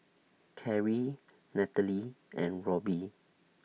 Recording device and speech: mobile phone (iPhone 6), read sentence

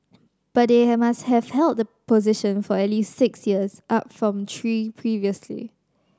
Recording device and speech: standing microphone (AKG C214), read sentence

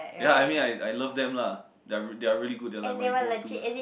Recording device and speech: boundary microphone, conversation in the same room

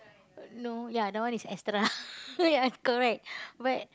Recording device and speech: close-talking microphone, conversation in the same room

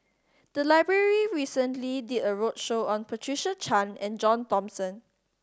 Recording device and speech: standing microphone (AKG C214), read sentence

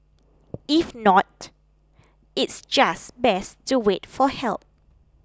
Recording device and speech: close-talking microphone (WH20), read sentence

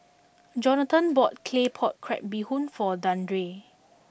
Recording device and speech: boundary microphone (BM630), read sentence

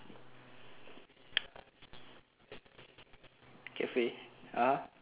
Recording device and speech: telephone, conversation in separate rooms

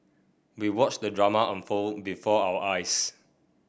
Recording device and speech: boundary microphone (BM630), read sentence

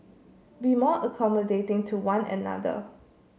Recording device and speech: mobile phone (Samsung C7), read sentence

